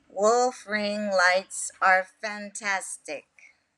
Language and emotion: English, sad